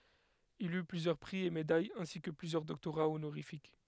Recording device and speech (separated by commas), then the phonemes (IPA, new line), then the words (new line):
headset microphone, read sentence
il y plyzjœʁ pʁi e medajz ɛ̃si kə plyzjœʁ dɔktoʁa onoʁifik
Il eut plusieurs prix et médailles ainsi que plusieurs doctorats honorifiques.